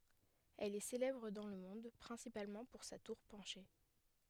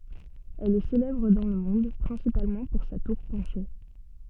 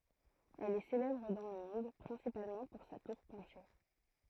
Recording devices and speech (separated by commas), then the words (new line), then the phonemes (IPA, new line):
headset microphone, soft in-ear microphone, throat microphone, read sentence
Elle est célèbre dans le monde principalement pour sa tour penchée.
ɛl ɛ selɛbʁ dɑ̃ lə mɔ̃d pʁɛ̃sipalmɑ̃ puʁ sa tuʁ pɑ̃ʃe